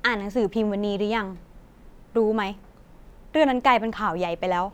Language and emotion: Thai, frustrated